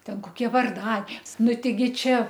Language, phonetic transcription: Lithuanian, ˈten koˈkie varˈda ˈnu teiˈgi ˈčia

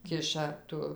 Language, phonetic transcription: Lithuanian, ˈkiša ˈtu

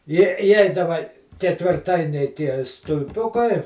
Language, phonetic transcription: Lithuanian, ˈjie iˈjeidava ketvirˈtainiai ˈtie stulˈpiukai

